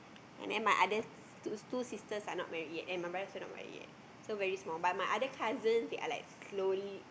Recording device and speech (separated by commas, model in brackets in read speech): boundary microphone, conversation in the same room